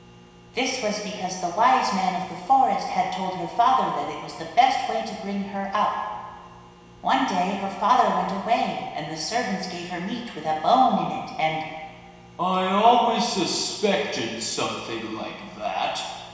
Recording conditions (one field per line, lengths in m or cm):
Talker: one person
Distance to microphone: 1.7 m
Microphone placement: close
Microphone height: 1.0 m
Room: very reverberant, large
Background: none